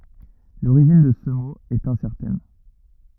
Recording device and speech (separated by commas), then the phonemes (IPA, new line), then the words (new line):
rigid in-ear microphone, read sentence
loʁiʒin də sə mo ɛt ɛ̃sɛʁtɛn
L'origine de ce mot est incertaine.